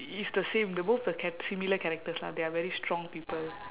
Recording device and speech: telephone, conversation in separate rooms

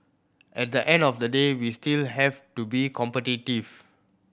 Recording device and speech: boundary microphone (BM630), read sentence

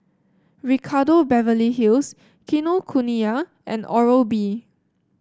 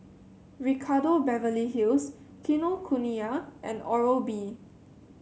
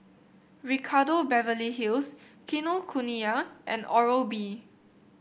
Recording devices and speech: standing microphone (AKG C214), mobile phone (Samsung C7), boundary microphone (BM630), read sentence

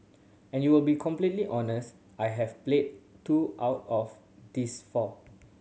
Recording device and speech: mobile phone (Samsung C7100), read sentence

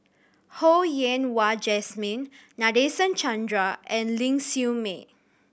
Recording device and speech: boundary microphone (BM630), read sentence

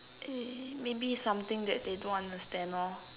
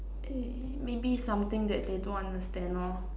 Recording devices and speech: telephone, standing microphone, conversation in separate rooms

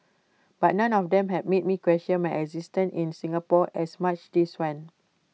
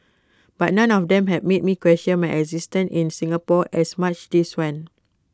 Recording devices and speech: mobile phone (iPhone 6), close-talking microphone (WH20), read sentence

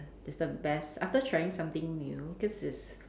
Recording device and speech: standing microphone, conversation in separate rooms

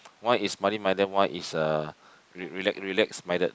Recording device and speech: close-talking microphone, conversation in the same room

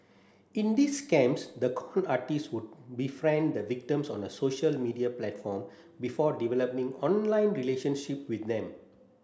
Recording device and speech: standing microphone (AKG C214), read sentence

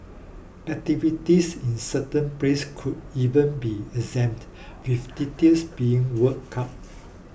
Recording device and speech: boundary microphone (BM630), read sentence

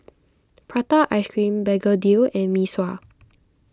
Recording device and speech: close-talking microphone (WH20), read sentence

